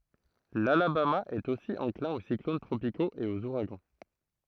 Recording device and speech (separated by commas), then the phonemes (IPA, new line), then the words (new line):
throat microphone, read sentence
lalabama ɛt osi ɑ̃klɛ̃ o siklon tʁopikoz e oz uʁaɡɑ̃
L'Alabama est aussi enclin aux cyclones tropicaux et aux ouragans.